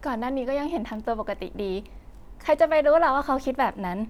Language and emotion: Thai, happy